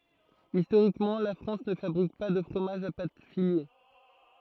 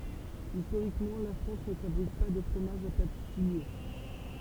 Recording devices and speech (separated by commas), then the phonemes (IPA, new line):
throat microphone, temple vibration pickup, read sentence
istoʁikmɑ̃ la fʁɑ̃s nə fabʁik pa də fʁomaʒz a pat file